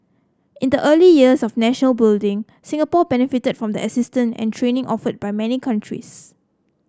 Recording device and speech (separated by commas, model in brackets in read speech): close-talking microphone (WH30), read sentence